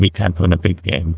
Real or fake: fake